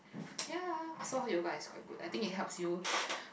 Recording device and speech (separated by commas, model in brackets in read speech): boundary microphone, conversation in the same room